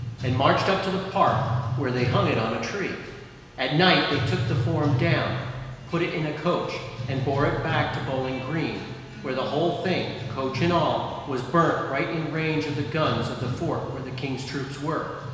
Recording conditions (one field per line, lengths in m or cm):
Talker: one person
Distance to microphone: 1.7 m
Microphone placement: close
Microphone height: 1.0 m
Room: very reverberant, large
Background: music